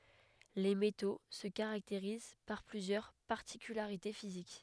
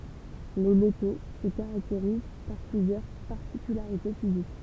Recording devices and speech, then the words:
headset microphone, temple vibration pickup, read sentence
Les métaux se caractérisent par plusieurs particularités physiques.

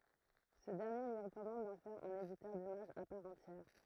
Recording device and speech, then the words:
throat microphone, read sentence
Ce dernier lui recommande d'en faire un éditeur d'images à part entière.

